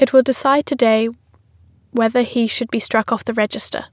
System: none